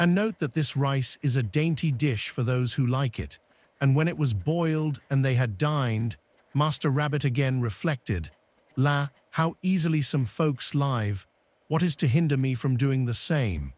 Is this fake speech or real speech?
fake